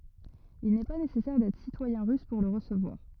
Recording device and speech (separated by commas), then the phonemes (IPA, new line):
rigid in-ear microphone, read sentence
il nɛ pa nesɛsɛʁ dɛtʁ sitwajɛ̃ ʁys puʁ lə ʁəsəvwaʁ